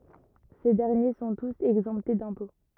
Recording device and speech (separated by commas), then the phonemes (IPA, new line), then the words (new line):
rigid in-ear microphone, read sentence
se dɛʁnje sɔ̃ tus ɛɡzɑ̃pte dɛ̃pɔ̃
Ces derniers sont tous exemptés d'impôts.